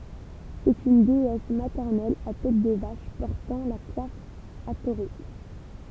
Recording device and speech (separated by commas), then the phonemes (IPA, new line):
temple vibration pickup, read sentence
sɛt yn deɛs matɛʁnɛl a tɛt də vaʃ pɔʁtɑ̃ la kwaf atoʁik